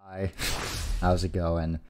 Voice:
Monotone voice